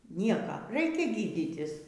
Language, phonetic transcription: Lithuanian, ˈnieka ˈraikia ˈgyditis

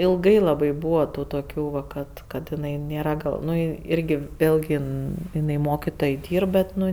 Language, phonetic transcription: Lithuanian, ilˈgai laˈbai ˈbūva ˈtų toˈkių ˈva ˈkad ˈkad jiˈnai ˈnėra ˈgal ˈnu ˈirgi ˈvėlgi ˈin iˈnai ˈmokitoj ˈdyrb bet ˈnu

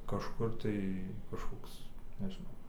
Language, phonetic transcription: Lithuanian, kažˈkur tai kažˈkoks nežiˈnau

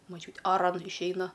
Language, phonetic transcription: Lithuanian, moˈčiūtė aˈran išˈeina

